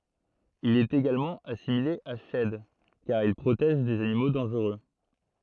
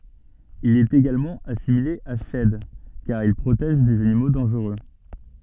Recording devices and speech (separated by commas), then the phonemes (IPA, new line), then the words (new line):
throat microphone, soft in-ear microphone, read sentence
il ɛt eɡalmɑ̃ asimile a ʃɛd kaʁ il pʁotɛʒ dez animo dɑ̃ʒʁø
Il est également assimilé à Shed car il protège des animaux dangereux.